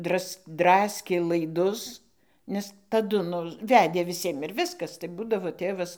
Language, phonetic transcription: Lithuanian, ˈdras ˈdraskė laiˈdus nes taˈdu ˈnu ˈvedė viˈsiem ir ˈviskas tai ˈbūdavo ˈtėvas

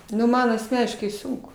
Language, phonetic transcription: Lithuanian, nu ˈman asˈmeniškai ˈsunku

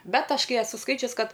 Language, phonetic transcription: Lithuanian, ˈbet ˈaš ˈkai eˈsu ˈskaičius ˈkad

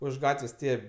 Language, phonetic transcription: Lithuanian, už ˈgatvės' ˈtie

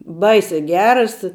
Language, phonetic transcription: Lithuanian, ˈbaisē ˈgeras

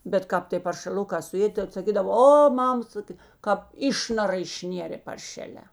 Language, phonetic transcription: Lithuanian, bet ˈkāp tė paršeˈlukā suˈėdė tad saˈkydavo ˈo ˈmam ˈsakė kāp ˈišnara išˈnėrė parˈšelē

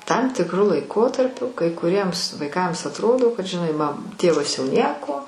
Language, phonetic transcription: Lithuanian, tam tikˈru laiˈkotarpiu kai kuˈriems vaiˈkams atˈrodo kad žiˈnai ma ˈtėvas jau ˈnieko

